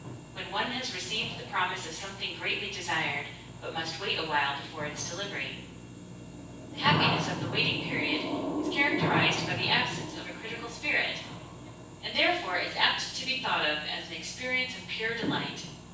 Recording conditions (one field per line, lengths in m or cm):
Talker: one person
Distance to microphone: 9.8 m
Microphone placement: far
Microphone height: 1.8 m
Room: large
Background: television